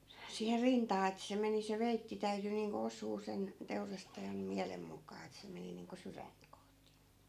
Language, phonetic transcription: Finnish, siiher "rintaa et se 'meni se 'veitti täyty niiŋko 'os̆suu 'sen , 'teurastajan , "miälem muk̀aa et se 'meni niiŋko 'syränt kohti .
- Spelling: siihen rintaan että se meni se veitsi täytyi niin kuin osua sen teurastajan mielen mukaan että se meni niin kuin sydäntä kohti

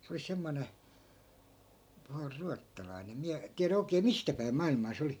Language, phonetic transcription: Finnish, se oli 'semmone , (pahus) 'ruattalai̮ne em 'miä , tiärä 'oikee "mistä päim 'mailmaa se 'oli .
- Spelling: se oli semmoinen pahus ruotsalainen en minä tiedä oikein mistä päin maailmaa se oli

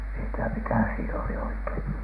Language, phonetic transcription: Finnish, mi ‿en ti₍ä "mikä siin ‿oli 'oikein .
- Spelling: minä en tiedä mikä siinä oli oikein

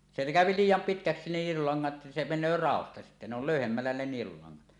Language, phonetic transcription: Finnish, se kä̀öpi "liij̆jam 'pitkäksi nielulaŋŋat , 'se 'men̆nöö "ràosta sittä ne ‿ol "lö̀yhemmällä ne 'nielulaŋŋat .
- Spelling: se käy liian pitkäksi nielulangat se menee raosta sitten ne oli löyhemmällä ne nielulangat

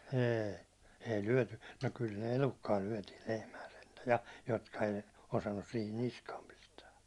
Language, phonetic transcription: Finnish, 'ee , èi 'lyäₒ§ty , no kyl ne "elukkaa lyäₒtiil 'lehmää sentä ja , jotka ei , 'osannus sihin 'niskaam 'pistää .
- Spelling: ei ei lyöty no kyllä ne elukkaa lyötiin lehmää sentään ja jotka ei osannut siihen niskaan pistää

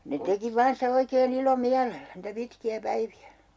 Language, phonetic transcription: Finnish, ne 'teki "vaan sitä 'oikee'n ‿ilo"miälellä , niitä 'pitki₍ä 'päivi₍ä .
- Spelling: ne teki vain sitä oikein ilomielellä niitä pitkiä päiviä

